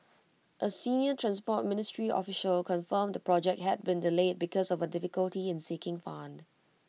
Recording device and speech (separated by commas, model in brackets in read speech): mobile phone (iPhone 6), read sentence